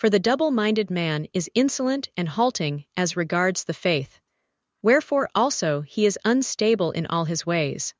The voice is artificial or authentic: artificial